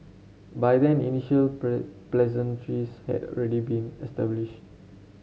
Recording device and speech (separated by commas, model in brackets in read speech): mobile phone (Samsung C7), read sentence